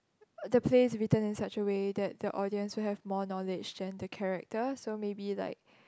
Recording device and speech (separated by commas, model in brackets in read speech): close-talking microphone, conversation in the same room